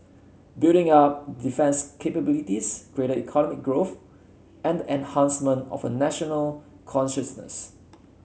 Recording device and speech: mobile phone (Samsung C7), read sentence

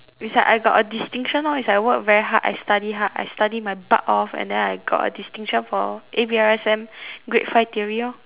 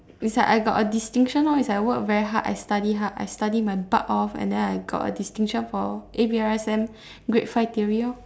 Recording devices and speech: telephone, standing microphone, conversation in separate rooms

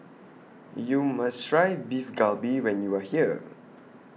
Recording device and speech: mobile phone (iPhone 6), read sentence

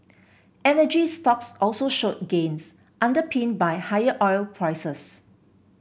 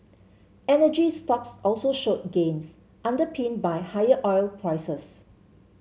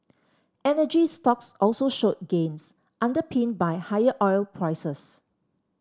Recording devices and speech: boundary microphone (BM630), mobile phone (Samsung C7), standing microphone (AKG C214), read sentence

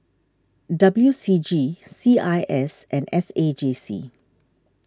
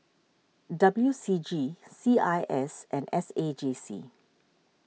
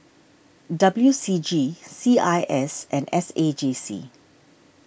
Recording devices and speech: standing microphone (AKG C214), mobile phone (iPhone 6), boundary microphone (BM630), read sentence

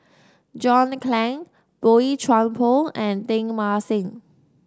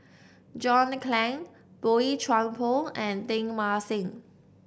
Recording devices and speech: standing microphone (AKG C214), boundary microphone (BM630), read sentence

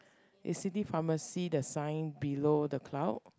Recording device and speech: close-talking microphone, conversation in the same room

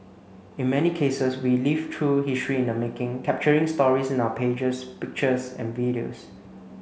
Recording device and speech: mobile phone (Samsung C9), read sentence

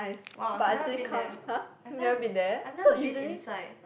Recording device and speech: boundary microphone, conversation in the same room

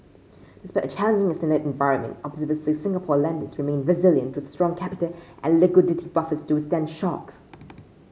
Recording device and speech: mobile phone (Samsung C5), read sentence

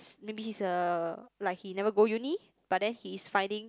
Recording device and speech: close-talking microphone, conversation in the same room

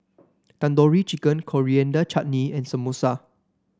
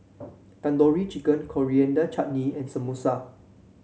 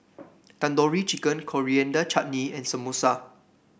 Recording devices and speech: standing microphone (AKG C214), mobile phone (Samsung C7), boundary microphone (BM630), read sentence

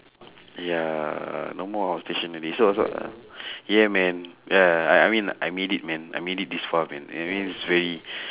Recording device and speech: telephone, conversation in separate rooms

